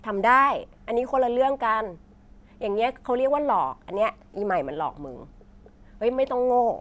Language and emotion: Thai, frustrated